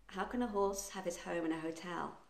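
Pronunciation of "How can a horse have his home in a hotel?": The sentence is said quite quickly.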